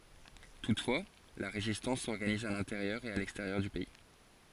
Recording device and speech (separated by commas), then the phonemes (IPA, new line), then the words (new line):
forehead accelerometer, read sentence
tutfwa la ʁezistɑ̃s sɔʁɡaniz a lɛ̃teʁjœʁ e a lɛksteʁjœʁ dy pɛi
Toutefois, la résistance s'organise à l’intérieur et à l’extérieur du pays.